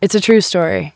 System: none